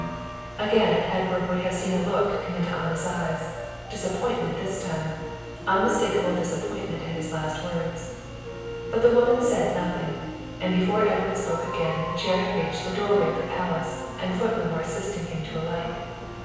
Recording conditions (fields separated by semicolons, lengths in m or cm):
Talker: one person; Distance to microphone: 7.1 m; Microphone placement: far; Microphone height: 1.7 m; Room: very reverberant, large; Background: music